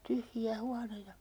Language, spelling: Finnish, tyhjiä huoneita
- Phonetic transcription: 'tyhji₍ä 'huaneita ,.

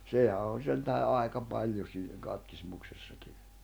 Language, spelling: Finnish, sehän on sen tähden aika paljon siinä katkismuksessakin
- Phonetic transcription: 'sèhä on 'sentähe '’àeka 'paĺjo siinä 'katkismuksessaki .

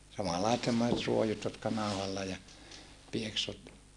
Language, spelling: Finnish, samanlaiset semmoiset ruojut jotka nauhalla ja pieksut
- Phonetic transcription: samallaisᵉt semmoset ruojut jotka nàuhalla ja , pieksut .

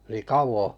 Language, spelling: Finnish, niin kauan
- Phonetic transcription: nii "kauvo ?

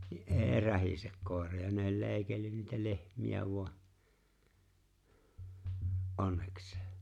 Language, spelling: Finnish, niin ei rähise koira ja ne oli leikellyt niitä lehmiä vain onneksi
- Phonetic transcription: ni’ "’e̬e̬ⁱ 'rähisek 'kòera ja ne ‿o͕ĺ 'leeⁱkellyn niitä 'lehm̀iä vu̬a’ , "’onneksᴇᴇ .

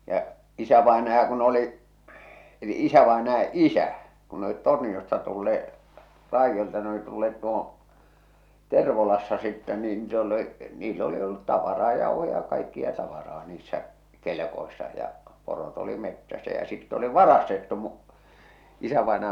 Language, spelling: Finnish, ja isävainaja kun oli eli isävainaja isä kun ne olivat Torniosta tulleet raidolta ne oli tulleet tuohon Tervolassa sitten niin niitä oli oli niillä oli ollut tavaraa jauhoja ja kaikkea tavaraa niissä kelkoissa ja porot oli metsässä ja sitten oli varastettu - isävainaja
- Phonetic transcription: ja’ , 'isävaenaja kun ‿oli , eli 'isävaenaja "isä , kun ne ‿olit 'Torniʲosta tulle₍e , 'raijjolta ne oli tulleet tuohoo̰ , 'Tervolassa sittɛ niin (niit ‿ol) ol , niill ‿oli ollut 'tavaraa 'jauhoja ja kaikkia tavaraa niissä , 'kelᵉkoissa ja , porot ‿oli 'mettäsä ja sitt ‿oli "varastettu mu- , isävàenaja .

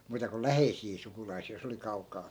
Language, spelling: Finnish, muuta kuin läheisiä sukulaisia jos oli kaukaa
- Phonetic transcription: muuta ko "läheisii 'sukulaisii jos ‿oli 'kauk̀aa .

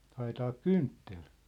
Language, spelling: Finnish, haetaanko kynttilä
- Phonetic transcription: - 'ha₍etaak "kynttel ?

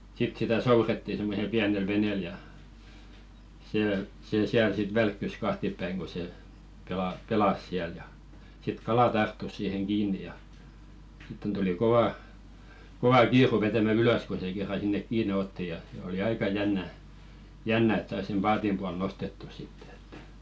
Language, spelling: Finnish, sitten sitä soudettiin semmoisella pienellä veneellä ja se se siellä sitten välkkyi kahtiapäin kun se - pelasi siellä ja sitten kala tarttui siihen kiinni ja sitten tuli kova kova kiire vetämään ylös kun se kerran sinne kiinni otti ja oli aika jännä jännä että sai sen paatin puolelle nostettua sitten että
- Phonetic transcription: sit sitä "souretti semmosel 'piänel 'venèl ja , see sè 'siäl sit "välkkys 'kahtippäiŋ ko se , pela- 'pelas siäl ja , sit "kala 'tarttus siiheŋ 'kiin̆ni ja , sitten tuli 'kovà , 'kova "kiiru vetämä 'ylös ko se kerra sinnek "kiine 'otti ja , oli 'aika 'jännä , "jännä et sais sem "paatim pual 'nostettu sittᴇ ᴇttᴀ̈ .

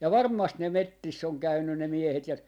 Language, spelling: Finnish, ja varmasti ne metsissä on käynyt ne miehet ja
- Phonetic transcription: ja "varm̆mast ne "mettiss ‿on 'käynnyn ne 'miehet ja ,.

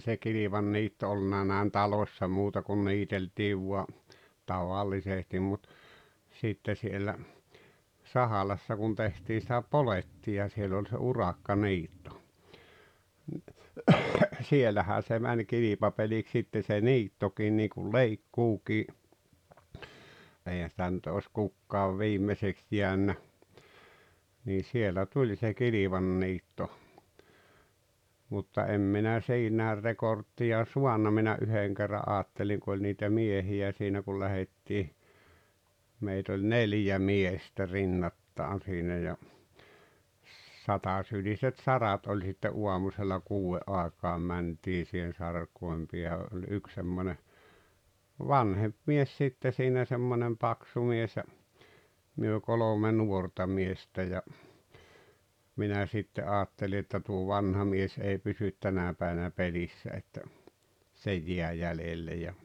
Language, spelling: Finnish, se kilvanniitto ollut näin talossa muuta kuin niiteltiin vain tavallisesti mutta sitten siellä Sahalassa kun tehtiin sitä polettia siellä oli se urakkaniitto ne siellähän se meni kilpapeliksi sitten se niittokin niin kuin leikkuukin eihän sitä nyt ole kukaan viimeiseksi jäänyt niin siellä tuli se kilvanniitto mutta en minä siinä rekordia saanut minä yhden kerran ajattelin kun oli niitä miehiä siinä kun lähdettiin meitä oli neljä miestä rinnakkain siinä ja satasyliset sarat oli sitten aamusella kuuden aikaan mentiin siihen sarkojen päähän oli yksi semmoinen vanhempi mies sitten siinä semmoinen paksu mies ja me kolme nuorta miestä ja minä sitten ajattelin että tuo vanha mies ei pysy tänä päivänä pelissä että se jäi jäljelle ja
- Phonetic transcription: se 'kilivanniitto olluna nä̀en "talòśsa muuta kun 'niiteltiiv vua , 'tavallisestim mut , 'sitte siellä , " ahalassa kun 'tehtii sⁱtä "poletti₍a siel ‿oĺ se 'urakka'niitto , nⁱ , 'sielähää se mäń 'kilipapeliks sitte se "niittokiin niikul "leikkuukii , "eihän̬ sⁱtä nʸt oos 'kukkaav "viim̀eseks jiännä , nii 'sielä 'tuĺ se 'kilivanniitto , mutta 'em minä 'siinä̀er 'rekorttija "suanna minä '’yheŋ kerra’ '’aatteliŋ ku oĺ niitä 'miehi₍ä siinä kul 'lähettii , meit ‿oĺ "neljä 'miestä 'rinnattaan̬ siinä ja , "satasyliset "sarat oĺ sitte '’uamusella 'kuu₍e’ ’àek̀aam 'mäntii sihen̬ 'sark̀oem piä(hä) oĺ 'yk semmone , "vanhem̬p mies 'sitte siinä semmonem 'paksu 'mies ja , myö 'kolome 'nuorta miestä ja , minä sitte '’aatteli että tuo "vanha mies ei 'pysyt "tänä̀ päiᵛᵃ̈nä 'pelissä että , se "jiä "jälelle ja ,.

